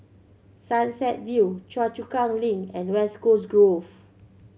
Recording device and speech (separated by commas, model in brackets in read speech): mobile phone (Samsung C7100), read sentence